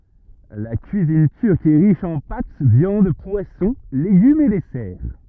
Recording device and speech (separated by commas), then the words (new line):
rigid in-ear microphone, read sentence
La cuisine turque est riche en pâtes, viandes, poissons, légumes et desserts.